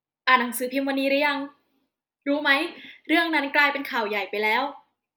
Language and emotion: Thai, neutral